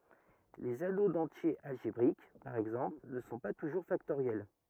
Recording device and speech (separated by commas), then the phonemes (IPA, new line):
rigid in-ear microphone, read sentence
lez ano dɑ̃tjez alʒebʁik paʁ ɛɡzɑ̃pl nə sɔ̃ pa tuʒuʁ faktoʁjɛl